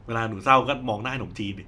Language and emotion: Thai, neutral